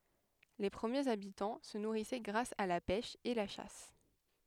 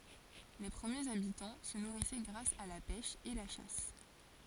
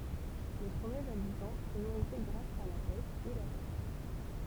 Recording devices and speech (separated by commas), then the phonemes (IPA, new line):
headset microphone, forehead accelerometer, temple vibration pickup, read sentence
le pʁəmjez abitɑ̃ sə nuʁisɛ ɡʁas a la pɛʃ e la ʃas